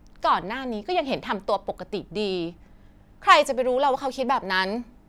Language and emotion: Thai, frustrated